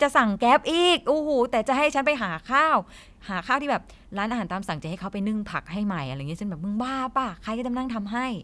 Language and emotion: Thai, frustrated